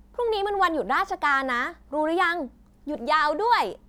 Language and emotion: Thai, happy